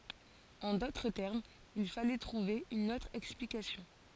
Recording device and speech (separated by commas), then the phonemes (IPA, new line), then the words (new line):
forehead accelerometer, read sentence
ɑ̃ dotʁ tɛʁmz il falɛ tʁuve yn otʁ ɛksplikasjɔ̃
En d'autres termes, il fallait trouver une autre explication.